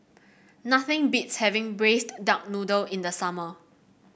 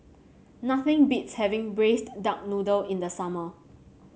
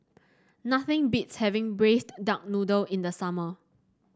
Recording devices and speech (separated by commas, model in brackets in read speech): boundary microphone (BM630), mobile phone (Samsung C7), standing microphone (AKG C214), read sentence